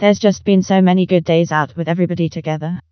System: TTS, vocoder